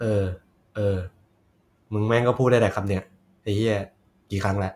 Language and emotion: Thai, frustrated